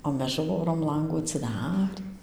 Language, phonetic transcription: Lithuanian, o ˈmes ˈžūrom ˈlangų atsiˈdarį

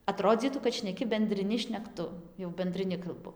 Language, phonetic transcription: Lithuanian, aˈtrodzytų kad šneˈki bendriˈni šnekˈtu jau bendriˈni kalˈbu

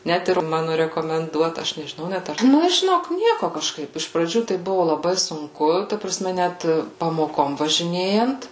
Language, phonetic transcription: Lithuanian, ˈnet ir ˈmanu rekomenˈduota ˈaš nežiˈnau ˈnet ar ˈnu žiˈnok ˈnieku kažˈkaip iš praˈdžių tai ˈbuvu laˈbai sunˈku ta praˈsme ˈnæt pamoˈkom važiˈnėjant

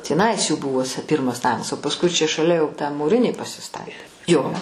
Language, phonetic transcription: Lithuanian, tįˈnais jų ˈbuvos ˈpirmas ˈnamas o pasˈkui čia šaˈlia jau tą mūˈrinį pasiˈstatė ˈjo

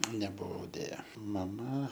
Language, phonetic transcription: Lithuanian, nebuˈvau dėˈja maˈma

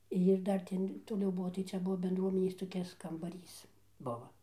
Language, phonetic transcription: Lithuanian, jir ˈdar ten toˈliau ˈbuo tai ˈcia ˈbuo bendˈruomenės toˈkis kambaˈrys ˈbuva

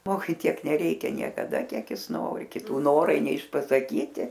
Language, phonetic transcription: Lithuanian, ˈžmogui ˈtiek neˈreikia niekaˈda ˈkiek ˈjis ˈnori kiˈtų ˈnorai neišpasaˈkyti

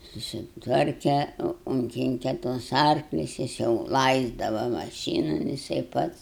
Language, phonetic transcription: Lithuanian, susitˈvarke unˈkinke tuos ˈarklius ˈjis jau ˈlaisdava maˈšynu jiˈsai ˈpats

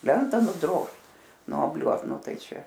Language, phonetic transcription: Lithuanian, ˈlenta nuˈdrožt nuoˈbliuot ˈnu ˈtai ˈčia

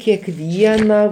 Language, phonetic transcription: Lithuanian, kekˈviena

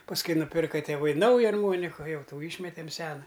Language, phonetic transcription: Lithuanian, pasˈkui nuˈpirka tėˈvai ˈnauja arˈmoniku ˈjau ˈtų ˈyšmetem ˈsena

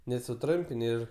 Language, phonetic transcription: Lithuanian, nes suˈtrumpin' ˈir

